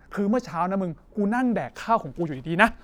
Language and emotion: Thai, angry